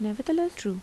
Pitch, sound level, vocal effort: 240 Hz, 81 dB SPL, soft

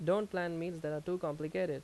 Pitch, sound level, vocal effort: 175 Hz, 86 dB SPL, loud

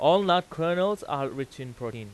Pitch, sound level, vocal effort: 145 Hz, 96 dB SPL, very loud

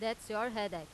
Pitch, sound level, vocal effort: 215 Hz, 92 dB SPL, loud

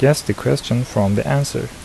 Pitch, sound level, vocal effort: 105 Hz, 76 dB SPL, soft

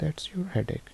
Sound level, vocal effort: 69 dB SPL, soft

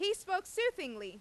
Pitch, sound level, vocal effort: 370 Hz, 98 dB SPL, very loud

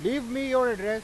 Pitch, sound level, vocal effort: 250 Hz, 101 dB SPL, very loud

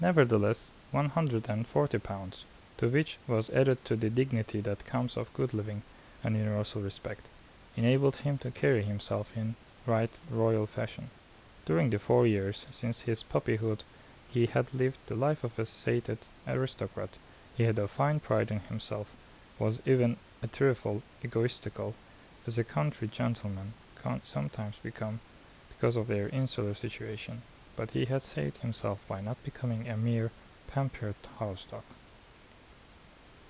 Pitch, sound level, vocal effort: 115 Hz, 75 dB SPL, soft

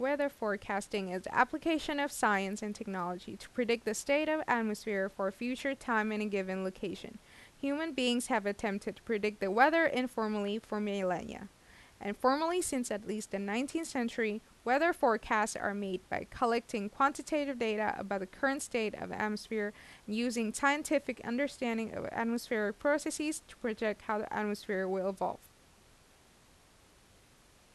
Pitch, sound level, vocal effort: 220 Hz, 84 dB SPL, normal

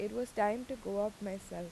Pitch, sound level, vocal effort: 205 Hz, 84 dB SPL, normal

